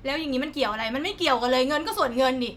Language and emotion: Thai, angry